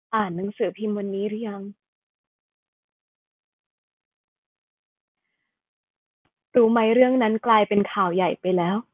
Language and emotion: Thai, sad